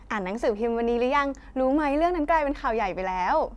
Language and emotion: Thai, happy